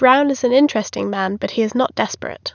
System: none